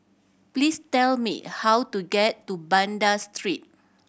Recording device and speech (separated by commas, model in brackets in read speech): boundary microphone (BM630), read sentence